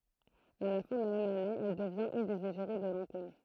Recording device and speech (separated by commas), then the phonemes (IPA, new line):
throat microphone, read sentence
a la fɛ̃ də la mɛm ane ɛl dəvjɛ̃t yn dez eʒeʁi də lɑ̃kom